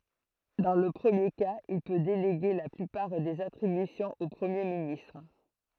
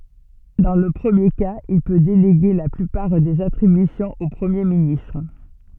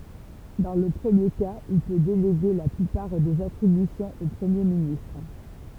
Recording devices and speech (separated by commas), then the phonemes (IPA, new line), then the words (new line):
throat microphone, soft in-ear microphone, temple vibration pickup, read sentence
dɑ̃ lə pʁəmje kaz il pø deleɡe la plypaʁ dez atʁibysjɔ̃z o pʁəmje ministʁ
Dans le premier cas, il peut déléguer la plupart des attributions au Premier ministre.